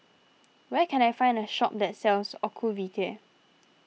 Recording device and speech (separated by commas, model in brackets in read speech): mobile phone (iPhone 6), read sentence